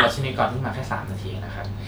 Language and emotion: Thai, neutral